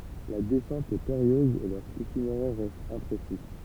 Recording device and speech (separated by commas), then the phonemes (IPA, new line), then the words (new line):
temple vibration pickup, read sentence
la dɛsɑ̃t ɛ peʁijøz e lœʁ itineʁɛʁ ʁɛst ɛ̃pʁesi
La descente est périlleuse et leur itinéraire reste imprécis.